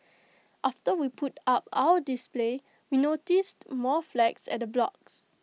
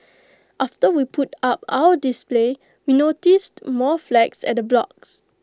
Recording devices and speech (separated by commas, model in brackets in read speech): mobile phone (iPhone 6), close-talking microphone (WH20), read sentence